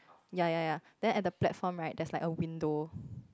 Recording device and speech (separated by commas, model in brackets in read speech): close-talking microphone, conversation in the same room